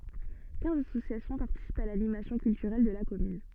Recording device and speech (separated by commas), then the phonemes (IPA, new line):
soft in-ear microphone, read sentence
kɛ̃z asosjasjɔ̃ paʁtisipt a lanimasjɔ̃ kyltyʁɛl də la kɔmyn